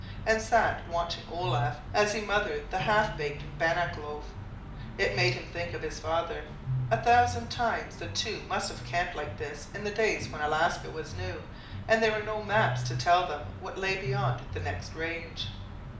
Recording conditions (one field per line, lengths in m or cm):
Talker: one person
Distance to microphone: 2.0 m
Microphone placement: close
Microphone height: 99 cm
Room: medium-sized (5.7 m by 4.0 m)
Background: music